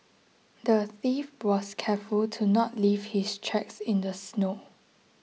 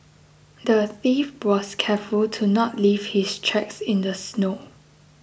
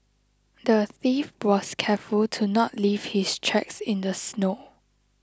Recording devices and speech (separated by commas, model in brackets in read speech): mobile phone (iPhone 6), boundary microphone (BM630), close-talking microphone (WH20), read sentence